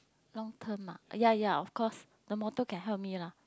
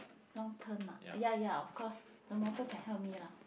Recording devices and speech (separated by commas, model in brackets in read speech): close-talking microphone, boundary microphone, conversation in the same room